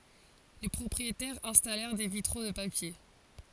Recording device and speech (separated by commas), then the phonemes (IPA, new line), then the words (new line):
forehead accelerometer, read sentence
le pʁɔpʁietɛʁz ɛ̃stalɛʁ de vitʁo də papje
Les propriétaires installèrent des vitraux de papier.